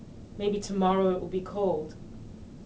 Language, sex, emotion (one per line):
English
female
neutral